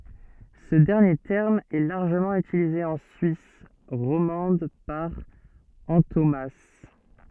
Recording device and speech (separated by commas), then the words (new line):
soft in-ear microphone, read sentence
Ce dernier terme est largement utilisé en Suisse romande par antonomase.